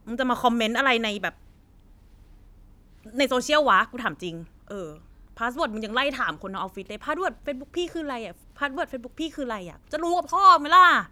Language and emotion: Thai, angry